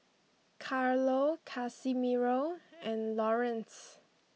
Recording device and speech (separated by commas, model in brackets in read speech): mobile phone (iPhone 6), read sentence